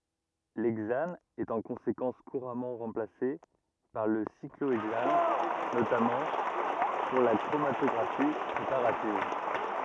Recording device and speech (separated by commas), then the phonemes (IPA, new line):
rigid in-ear microphone, read sentence
lɛɡzan ɛt ɑ̃ kɔ̃sekɑ̃s kuʁamɑ̃ ʁɑ̃plase paʁ lə sikloɛɡzan notamɑ̃ puʁ la kʁomatɔɡʁafi pʁepaʁativ